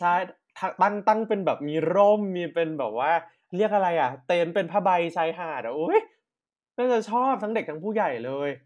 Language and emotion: Thai, happy